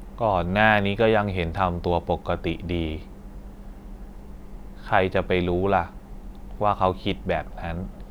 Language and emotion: Thai, neutral